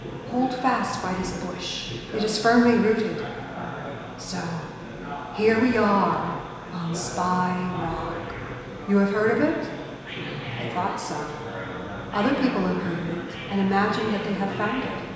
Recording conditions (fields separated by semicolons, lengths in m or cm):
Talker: one person; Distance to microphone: 1.7 m; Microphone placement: close; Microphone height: 1.0 m; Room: very reverberant, large; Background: babble